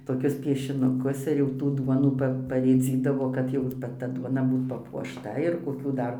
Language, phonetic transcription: Lithuanian, toˈkius piešinuˈkus ir jau ˈtų ˈduonų ˈpa parėˈdzydavo kad ˈjau ˈva ˈta ˈduona ˈbūt papuošˈta ir koˈkių ˈdar

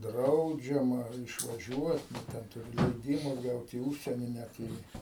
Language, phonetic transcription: Lithuanian, ˈdraudžiama išvaˈžiuot nu ˈten tuˈri leiˈdyma ˈgaut į ˈužsienį ˈnæt ir į

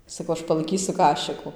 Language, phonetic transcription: Lithuanian, saˈkau ˈaš palaiˈkysu ˈkašiku

